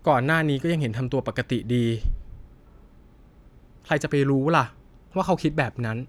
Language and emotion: Thai, neutral